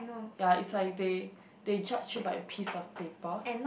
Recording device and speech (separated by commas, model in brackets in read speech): boundary microphone, conversation in the same room